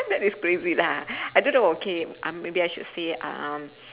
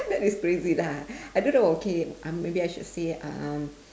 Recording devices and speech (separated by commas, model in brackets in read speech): telephone, standing microphone, conversation in separate rooms